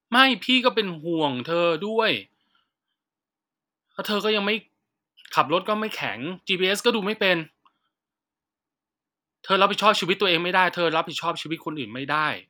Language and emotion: Thai, frustrated